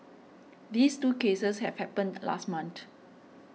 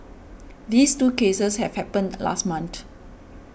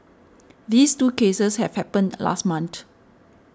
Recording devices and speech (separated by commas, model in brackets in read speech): mobile phone (iPhone 6), boundary microphone (BM630), standing microphone (AKG C214), read sentence